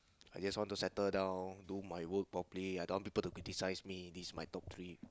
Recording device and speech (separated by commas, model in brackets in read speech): close-talking microphone, conversation in the same room